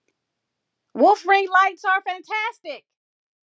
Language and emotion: English, angry